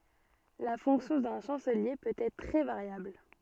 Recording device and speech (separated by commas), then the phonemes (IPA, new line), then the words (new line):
soft in-ear microphone, read sentence
la fɔ̃ksjɔ̃ dœ̃ ʃɑ̃səlje pøt ɛtʁ tʁɛ vaʁjabl
La fonction d'un chancelier peut être très variable.